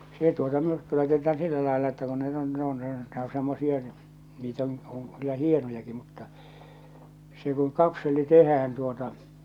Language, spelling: Finnish, se tuota myrkky laitetaan sillä lailla että kun ne on ne on ne on semmoisia niitä on on kyllä hienojakin mutta se kun kapseli tehdään tuota
- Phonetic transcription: se tuota 'myrkky laitet̆taan "sillä làella että kun ne ‿on ne ‿on ne ‿o semmosie , niit ‿on , oŋ kyllä "hienojaki mutta , se kuŋ "kapselli "tehään tuota ,.

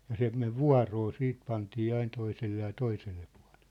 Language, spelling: Finnish, ja se meni vuoroa sitten pantiin aina toiselle ja toiselle puolelle
- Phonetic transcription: ja 'se 'mev "vua̭roo 'siit pantii 'ain toiselle ja 'toiselle pᴜa̭ʟᴇʟʟᴇ .

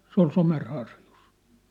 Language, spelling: Finnish, se oli Somerharjussa
- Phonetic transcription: 'sᵉ ‿ol 'Somer'harjus . «

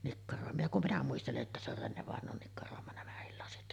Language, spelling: Finnish, nikkaroima ja kun minä muistelen että se on Renne-vainajan nikkaroima nämäkin lasit
- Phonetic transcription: nikkaròema ja kum "minä 'muistele’ ’että se ‿or 'Renne-vàeǹoon nikkaròema 'nämähil lasit .

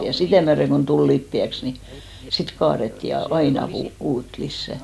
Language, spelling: Finnish, ja sitä myöden kun tuli lipeäksi niin sitten kaadettiin ja aina - uutta lisää
- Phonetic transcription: ja 'sitä̀ myäreŋ kon 'tul 'lippi₍äks , ni 'sit 'kaaretti ja "aina kuu- , 'uut 'lissä .

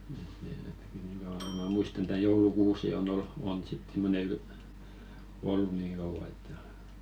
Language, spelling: Finnish, että ne ainakin niin kauan kuin minä muistan tämä joulukuusi on - on sitten semmoinen - ollut niin kauan että
- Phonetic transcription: ᵉᵗ ⁿᵉ (ainaki) niŋ kauʷaŋ ko mä̀ 'muistan tää 'joulu"kuusi on 'ol- , on sit 'simmone yl- , "ollu 'niiŋ kauva että .

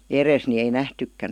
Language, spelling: Finnish, edessä niin ei nähtykään
- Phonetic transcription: eres ni ei "nähtykkän .

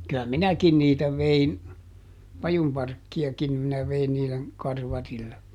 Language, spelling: Finnish, kyllä minäkin niitä vein pajunparkkiakin minä vein niiden karvarille
- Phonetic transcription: ky₍ä "minäkin niitä ˈvein , ˈpajumparkki₍akim minä ˈvein niilen , ˈkarvarille .

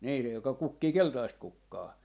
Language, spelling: Finnish, niin se joka kukkii keltaista kukkaa
- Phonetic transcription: nii (se) 'joka 'kukkii "keltaist 'kukkaa .

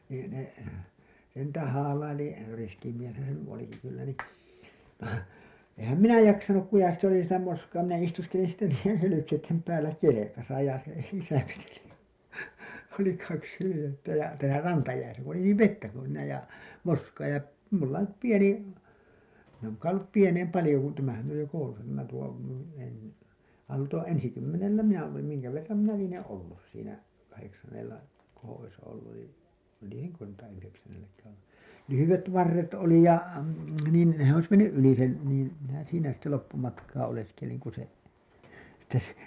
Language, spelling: Finnish, niin ne se niitä haalaili riski mieshän se nyt olikin kyllä niin enhän minä jaksanut kun ja sitten oli sitä moskaa minä istuskelin sitten niiden hylkeiden päällä kelkassa ja se isä veteli oli kaksi hyljettä ja täällä rantajäissä kun oli niin vettä kun siinä ja moskaa ja minulla nyt pieni minä olen kai ollut pienempi paljon kun tämähän on jo koulussa tämä tuo - - tuo ensikymmenellä minä olin minkä verran minä lienen ollut siinä - kahdeksannellako olisi ollut jo lienenkö tuota yhdeksännelläkään ollut lyhyet varret oli ja niin se olisi mennyt yli sen niin minä siinä sitten loppumatkaa oleskelin kun se sitten se
- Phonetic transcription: nii , ne , se niitä haalaili , riski mieshän se ny 'oliki kyllä ni , ehäm "minä 'jaksanuk ku ja sit ‿oli sitä moskaa minä istuskelin sitte niij̆jen hylykeittem päällä 'kelekasa ja , se isä veteli , oli kaks hylĭjettä ja , täälä 'rantajäisä , ku oli niiv "vettä kun̬ siinä ja , 'moskaa ja , mulla nyp 'pieni , min ‿òn̬r kai ollup "pieneim 'palĭjo kun tämähän oj jo koulusa tämä tuo , en- , al- , tuo , 'ensikymmenellä "minä olim miŋkä verram minä 'lieneḛ "ollus siinä , kaheksannella , -kooo̰ ois olluj jo , 'lieneŋkö tuota yheksännelläkäää̰ ollu , "lyhyvet 'varret oli ja , niin , se ‿ois menny’ '’yli sen , niin , minä 'siinä sitte loppumatkaa oleskeliŋ ku se , sitte se .

